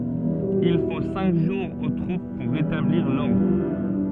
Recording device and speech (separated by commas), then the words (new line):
soft in-ear microphone, read sentence
Il faut cinq jours aux troupes pour rétablir l'ordre.